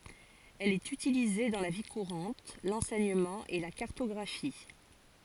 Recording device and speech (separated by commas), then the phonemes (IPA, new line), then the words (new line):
forehead accelerometer, read sentence
ɛl ɛt ytilize dɑ̃ la vi kuʁɑ̃t lɑ̃sɛɲəmɑ̃ e la kaʁtɔɡʁafi
Elle est utilisée dans la vie courante, l'enseignement et la cartographie.